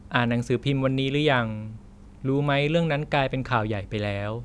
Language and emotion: Thai, neutral